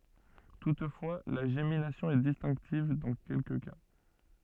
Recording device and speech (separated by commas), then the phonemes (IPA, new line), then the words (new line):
soft in-ear microphone, read sentence
tutfwa la ʒeminasjɔ̃ ɛ distɛ̃ktiv dɑ̃ kɛlkə ka
Toutefois, la gémination est distinctive dans quelques cas.